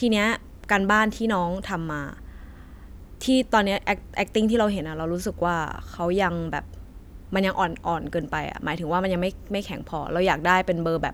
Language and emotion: Thai, frustrated